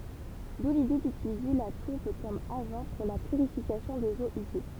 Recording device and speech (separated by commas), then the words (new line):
temple vibration pickup, read sentence
D'où l'idée d'utiliser la tourbe comme agent pour la purification des eaux usées.